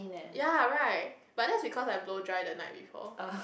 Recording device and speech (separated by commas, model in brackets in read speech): boundary microphone, conversation in the same room